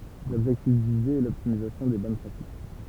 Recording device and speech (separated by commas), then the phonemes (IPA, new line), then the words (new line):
temple vibration pickup, read sentence
lɔbʒɛktif vize ɛ lɔptimizasjɔ̃ de bɔn pʁatik
L'objectif visé est l'optimisation des bonnes pratiques.